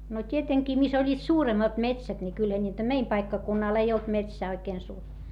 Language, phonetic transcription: Finnish, no t́ieteŋkii mis ‿oĺĺiit suuremmat metsät ni kylhä ńiitä - meim paikkakunnal ei olt metsää oikeen suur - ,.
- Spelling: no tietenkin missä olivat suuremmat metsät niin kyllähän niitä meidän paikkakunnalla ei ollut metsää oikein -

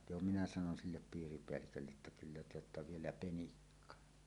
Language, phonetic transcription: Finnish, 'jo minä sanon "sillep 'piiripeällikölle’ ’että » 'kyllä te ‿otta "vielä "penikka « .
- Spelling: jo minä sanoin sille piiripäällikölle että kyllä te olette vielä penikka

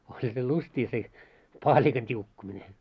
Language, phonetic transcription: Finnish, oĺha se 'lust́ii se , "paaĺikan t́iukkumine .
- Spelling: olihan se lystia se paalikan tiukkuminen

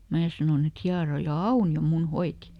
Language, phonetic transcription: Finnish, ˈmää sanòn ‿et » ˈhiaroja "Auni₍o ˈmun ˈhoiti » .
- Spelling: minä sanoin että hieroja Aunio minun hoiti

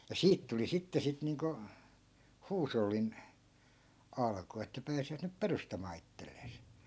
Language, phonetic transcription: Finnish, ja "siit tuli 'sitte sit niiŋko , "huusollin , 'alku että 'pääsivät nyp "perustamaa 'ittellees .
- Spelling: ja siitä tuli sitten sitten niin kuin huushollin alku että pääsivät nyt perustamaan itselleen

